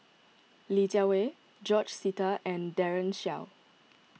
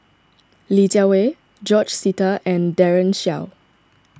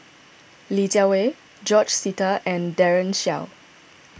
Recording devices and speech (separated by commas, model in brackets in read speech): mobile phone (iPhone 6), standing microphone (AKG C214), boundary microphone (BM630), read sentence